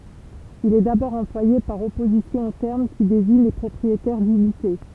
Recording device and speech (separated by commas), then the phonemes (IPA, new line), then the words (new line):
temple vibration pickup, read sentence
il ɛ dabɔʁ ɑ̃plwaje paʁ ɔpozisjɔ̃ o tɛʁm ki deziɲ le pʁɔpʁietɛʁ dynite
Il est d'abord employé par opposition au terme qui désigne les propriétaires d'unités.